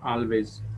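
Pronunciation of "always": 'always' is pronounced incorrectly here.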